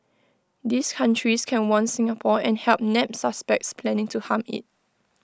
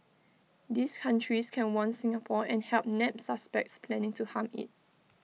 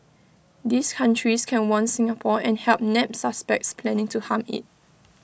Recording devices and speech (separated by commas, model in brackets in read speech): close-talking microphone (WH20), mobile phone (iPhone 6), boundary microphone (BM630), read sentence